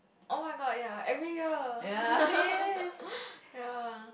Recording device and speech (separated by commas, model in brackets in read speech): boundary microphone, conversation in the same room